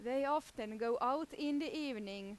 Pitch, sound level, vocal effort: 250 Hz, 91 dB SPL, loud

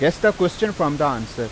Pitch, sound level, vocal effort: 160 Hz, 92 dB SPL, loud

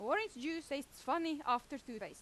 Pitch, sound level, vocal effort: 280 Hz, 92 dB SPL, very loud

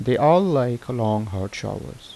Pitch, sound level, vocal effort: 120 Hz, 81 dB SPL, normal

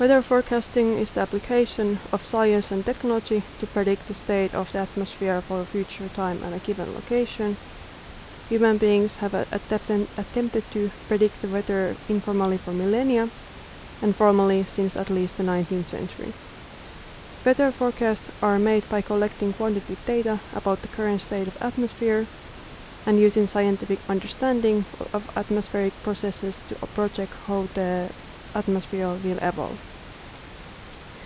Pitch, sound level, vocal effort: 205 Hz, 78 dB SPL, normal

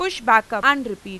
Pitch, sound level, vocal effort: 225 Hz, 98 dB SPL, very loud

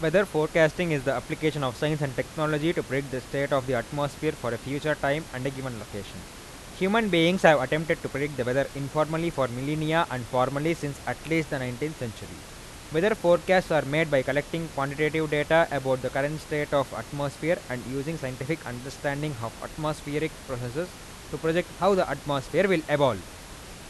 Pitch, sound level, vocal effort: 145 Hz, 91 dB SPL, loud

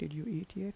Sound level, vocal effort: 79 dB SPL, soft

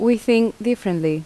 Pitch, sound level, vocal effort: 225 Hz, 81 dB SPL, normal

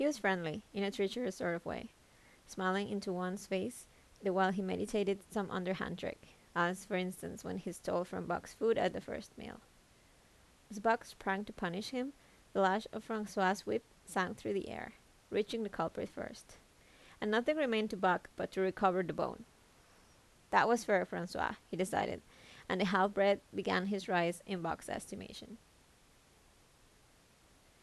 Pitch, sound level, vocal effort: 195 Hz, 79 dB SPL, normal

